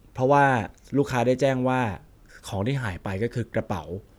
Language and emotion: Thai, neutral